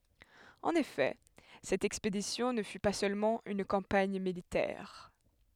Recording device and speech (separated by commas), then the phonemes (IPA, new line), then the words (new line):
headset microphone, read sentence
ɑ̃n efɛ sɛt ɛkspedisjɔ̃ nə fy pa sølmɑ̃ yn kɑ̃paɲ militɛʁ
En effet, cette expédition ne fut pas seulement une campagne militaire.